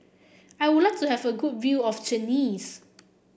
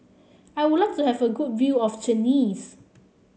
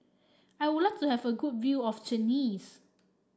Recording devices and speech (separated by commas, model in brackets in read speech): boundary microphone (BM630), mobile phone (Samsung C7), standing microphone (AKG C214), read sentence